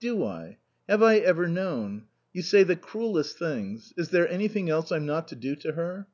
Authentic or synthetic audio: authentic